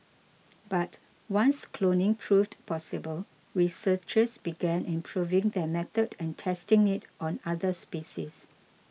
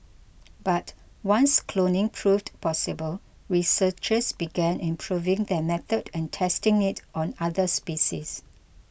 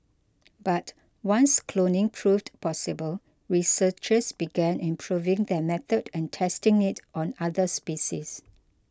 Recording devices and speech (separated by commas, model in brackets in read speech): mobile phone (iPhone 6), boundary microphone (BM630), close-talking microphone (WH20), read sentence